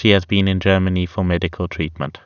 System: none